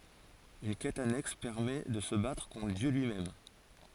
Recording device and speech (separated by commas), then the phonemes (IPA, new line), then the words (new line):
forehead accelerometer, read sentence
yn kɛt anɛks pɛʁmɛ də sə batʁ kɔ̃tʁ djø lyimɛm
Une quête annexe permet de se battre contre Dieu lui-même.